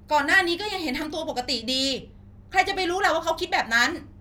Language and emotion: Thai, angry